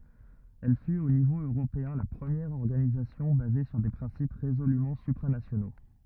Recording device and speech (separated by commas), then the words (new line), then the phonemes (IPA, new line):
rigid in-ear microphone, read sentence
Elle fut au niveau européen la première organisation basée sur des principes résolument supranationaux.
ɛl fyt o nivo øʁopeɛ̃ la pʁəmjɛʁ ɔʁɡanizasjɔ̃ baze syʁ de pʁɛ̃sip ʁezolymɑ̃ sypʁanasjono